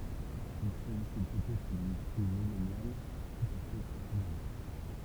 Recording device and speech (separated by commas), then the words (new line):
temple vibration pickup, read sentence
Il s'agissait peut-être d'une crue millennale tout à fait exceptionnelle.